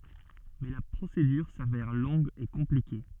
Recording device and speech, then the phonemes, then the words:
soft in-ear microphone, read sentence
mɛ la pʁosedyʁ savɛʁ lɔ̃ɡ e kɔ̃plike
Mais la procédure s'avère longue et compliquée.

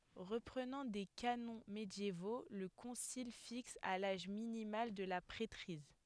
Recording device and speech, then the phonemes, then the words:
headset microphone, read sentence
ʁəpʁənɑ̃ de kanɔ̃ medjevo lə kɔ̃sil fiks a laʒ minimal də la pʁɛtʁiz
Reprenant des canons médiévaux, le concile fixe à l'âge minimal de la prêtrise.

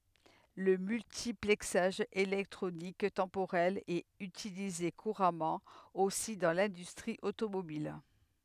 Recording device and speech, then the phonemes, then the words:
headset microphone, read sentence
lə myltiplɛksaʒ elɛktʁonik tɑ̃poʁɛl ɛt ytilize kuʁamɑ̃ osi dɑ̃ lɛ̃dystʁi otomobil
Le multiplexage électronique temporel est utilisé couramment aussi dans l'industrie automobile.

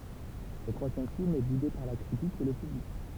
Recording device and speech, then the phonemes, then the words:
temple vibration pickup, read sentence
sə tʁwazjɛm film ɛ bude paʁ la kʁitik e lə pyblik
Ce troisième film est boudé par la critique et le public.

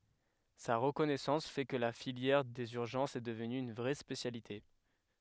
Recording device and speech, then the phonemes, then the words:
headset microphone, read sentence
sa ʁəkɔnɛsɑ̃s fɛ kə la filjɛʁ dez yʁʒɑ̃sz ɛ dəvny yn vʁɛ spesjalite
Sa reconnaissance fait que la filière des urgences est devenue une vraie spécialité.

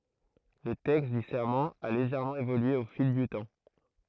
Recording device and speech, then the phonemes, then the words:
throat microphone, read sentence
lə tɛkst dy sɛʁmɑ̃ a leʒɛʁmɑ̃ evolye o fil dy tɑ̃
Le texte du serment a légèrement évolué au fil du temps.

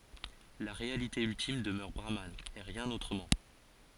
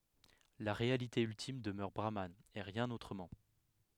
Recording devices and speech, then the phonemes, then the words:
forehead accelerometer, headset microphone, read sentence
la ʁealite yltim dəmœʁ bʁaman e ʁjɛ̃n otʁəmɑ̃
La réalité ultime demeure Brahman, et rien autrement.

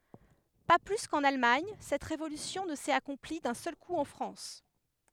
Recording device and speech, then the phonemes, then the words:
headset microphone, read sentence
pa ply kɑ̃n almaɲ sɛt ʁevolysjɔ̃ nə sɛt akɔ̃pli dœ̃ sœl ku ɑ̃ fʁɑ̃s
Pas plus qu'en Allemagne, cette révolution ne s'est accomplie d'un seul coup en France.

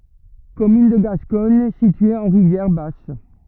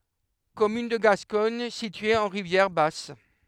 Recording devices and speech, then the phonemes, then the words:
rigid in-ear microphone, headset microphone, read sentence
kɔmyn də ɡaskɔɲ sitye ɑ̃ ʁivjɛʁ bas
Commune de Gascogne située en Rivière-Basse.

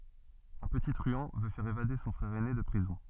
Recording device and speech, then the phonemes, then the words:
soft in-ear microphone, read sentence
œ̃ pəti tʁyɑ̃ vø fɛʁ evade sɔ̃ fʁɛʁ ɛne də pʁizɔ̃
Un petit truand veut faire évader son frère aîné de prison.

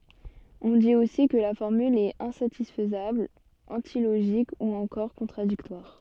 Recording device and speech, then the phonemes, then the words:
soft in-ear microphone, read sentence
ɔ̃ dit osi kə la fɔʁmyl ɛt ɛ̃satisfəzabl ɑ̃tiloʒik u ɑ̃kɔʁ kɔ̃tʁadiktwaʁ
On dit aussi que la formule est insatisfaisable, antilogique ou encore contradictoire.

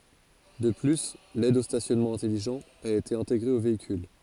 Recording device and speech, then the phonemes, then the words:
forehead accelerometer, read sentence
də ply lɛd o stasjɔnmɑ̃ ɛ̃tɛliʒɑ̃t a ete ɛ̃teɡʁe o veikyl
De plus, l'aide au stationnement intelligent a été intégré au véhicule.

